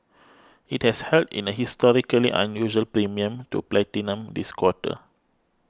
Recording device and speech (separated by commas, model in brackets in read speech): close-talking microphone (WH20), read sentence